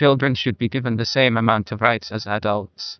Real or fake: fake